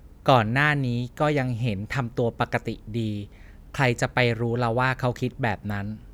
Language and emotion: Thai, neutral